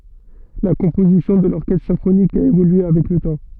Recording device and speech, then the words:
soft in-ear microphone, read sentence
La composition de l'orchestre symphonique a évolué avec le temps.

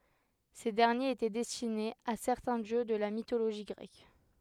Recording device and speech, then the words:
headset microphone, read sentence
Ces derniers étaient destinés à certains dieux de la mythologie grecque.

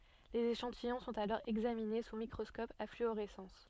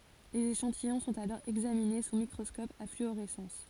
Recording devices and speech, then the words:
soft in-ear microphone, forehead accelerometer, read sentence
Les échantillons sont alors examinés sous microscope à fluorescence.

